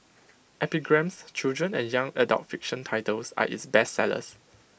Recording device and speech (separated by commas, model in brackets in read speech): boundary microphone (BM630), read sentence